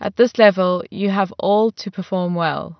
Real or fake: real